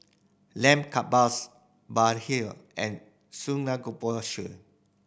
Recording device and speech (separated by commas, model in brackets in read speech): boundary microphone (BM630), read sentence